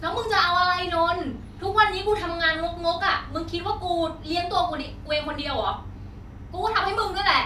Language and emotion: Thai, angry